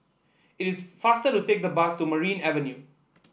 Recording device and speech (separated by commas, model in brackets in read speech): boundary microphone (BM630), read sentence